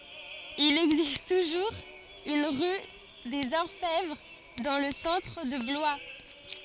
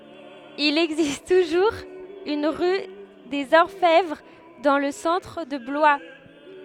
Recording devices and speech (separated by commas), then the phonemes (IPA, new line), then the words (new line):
forehead accelerometer, headset microphone, read sentence
il ɛɡzist tuʒuʁz yn ʁy dez ɔʁfɛvʁ dɑ̃ lə sɑ̃tʁ də blwa
Il existe toujours une rue des Orfèvres dans le centre de Blois.